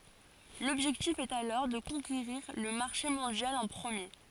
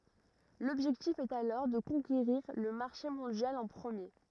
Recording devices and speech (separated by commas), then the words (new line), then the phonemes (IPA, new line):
forehead accelerometer, rigid in-ear microphone, read sentence
L’objectif est alors de conquérir le marché mondial en premier.
lɔbʒɛktif ɛt alɔʁ də kɔ̃keʁiʁ lə maʁʃe mɔ̃djal ɑ̃ pʁəmje